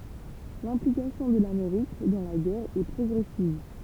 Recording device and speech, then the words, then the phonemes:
temple vibration pickup, read sentence
L'implication de l'Amérique dans la guerre est progressive.
lɛ̃plikasjɔ̃ də lameʁik dɑ̃ la ɡɛʁ ɛ pʁɔɡʁɛsiv

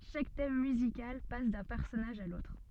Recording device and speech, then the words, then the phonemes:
soft in-ear microphone, read sentence
Chaque thème musical passe d'un personnage à l'autre.
ʃak tɛm myzikal pas dœ̃ pɛʁsɔnaʒ a lotʁ

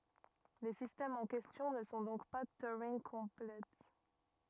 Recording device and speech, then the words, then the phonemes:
rigid in-ear microphone, read sentence
Les systèmes en question ne sont donc pas Turing-complets.
le sistɛmz ɑ̃ kɛstjɔ̃ nə sɔ̃ dɔ̃k pa tyʁɛ̃ɡkɔ̃plɛ

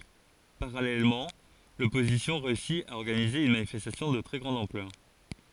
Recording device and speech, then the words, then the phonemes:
forehead accelerometer, read sentence
Parallèlement, l'opposition réussit à organiser une manifestation de très grande ampleur.
paʁalɛlmɑ̃ lɔpozisjɔ̃ ʁeysi a ɔʁɡanize yn manifɛstasjɔ̃ də tʁɛ ɡʁɑ̃d ɑ̃plœʁ

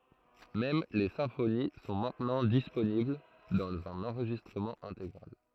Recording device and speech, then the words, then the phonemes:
throat microphone, read sentence
Même les symphonies sont maintenant disponibles dans un enregistrement intégral.
mɛm le sɛ̃foni sɔ̃ mɛ̃tnɑ̃ disponibl dɑ̃z œ̃n ɑ̃ʁʒistʁəmɑ̃ ɛ̃teɡʁal

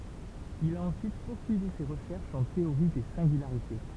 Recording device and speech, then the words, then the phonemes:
temple vibration pickup, read sentence
Il a ensuite poursuivi ses recherches en théorie des singularités.
il a ɑ̃syit puʁsyivi se ʁəʃɛʁʃz ɑ̃ teoʁi de sɛ̃ɡylaʁite

